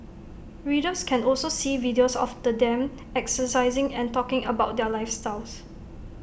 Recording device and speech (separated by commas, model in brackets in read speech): boundary microphone (BM630), read sentence